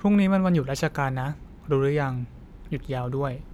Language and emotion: Thai, neutral